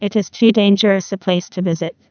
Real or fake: fake